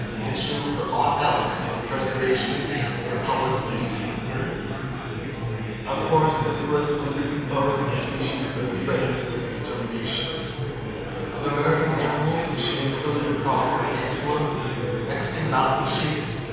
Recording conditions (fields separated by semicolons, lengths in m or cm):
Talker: one person; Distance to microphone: 7.1 m; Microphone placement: far; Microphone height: 1.7 m; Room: very reverberant, large; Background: babble